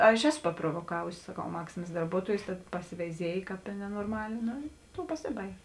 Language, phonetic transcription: Lithuanian, ˈaš ˈeˌsu paprovoˈkavusi saˈkau ˈmaksimas darˈbuotuojus tad pasiveiˈziej ˈkāp i nenorˈmalė ˈno i ˈtou paˈsibaig'

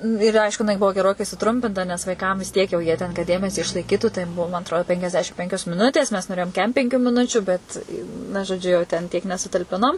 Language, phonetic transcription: Lithuanian, ir ˈaišku jiˈnai ˈbuvo geˈrokai suˈtrumpinta nes ˈvaiˈkam vis ˈtiek jau ˈjie ten kad ˈdėmesį išlaiˈkytų tai ˈmum atˈrodi penkiasˈdešim ˈpenkios miˈnutės mes noˈrėjom ˈkem penˈkių miˈnučiu ˈbet na žoˈdžiu jau ten tiek nesutalˈpinom

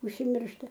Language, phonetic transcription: Lithuanian, užsimˈiršta

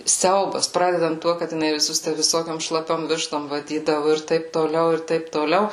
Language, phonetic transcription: Lithuanian, ˈsiaubas ˈpradedant ˈtuo kad jiˈnai viˈsus tæ viˈsokiom šlaˈpiom ˈvištom vaˈdydavu ir ˈtaip toˈliau ir ˈtaip toˈliau

